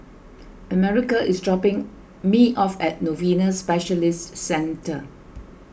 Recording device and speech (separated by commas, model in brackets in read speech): boundary microphone (BM630), read sentence